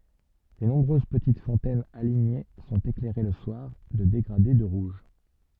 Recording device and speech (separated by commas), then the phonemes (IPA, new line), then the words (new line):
soft in-ear microphone, read sentence
le nɔ̃bʁøz pətit fɔ̃tɛnz aliɲe sɔ̃t eklɛʁe lə swaʁ də deɡʁade də ʁuʒ
Les nombreuses petites fontaines alignées sont éclairées le soir de dégradés de rouge.